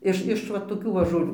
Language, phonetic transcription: Lithuanian, ˈiš iš ˈva toˈkių va žoˈlių

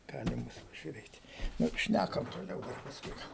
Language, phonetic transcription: Lithuanian, ˈgalim ˈbus pažiuˈrėt' ˈnu ˈšnækam toˈliau ˈdar pasˈkui ˈgal

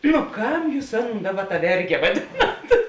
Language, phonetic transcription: Lithuanian, nu ˈkam ˈjūs ˈaˌnon ˈdaˌba ta ˈverge vaˈdinat

